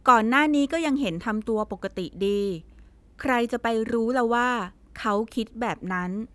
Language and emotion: Thai, neutral